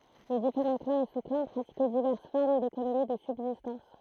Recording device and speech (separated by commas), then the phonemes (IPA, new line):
throat microphone, read sentence
le difeʁɑ̃ klɑ̃z e su klɑ̃ pʁatikɛ divɛʁs fɔʁm dekonomi də sybzistɑ̃s